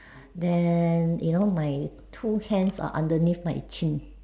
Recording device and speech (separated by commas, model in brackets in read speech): standing microphone, conversation in separate rooms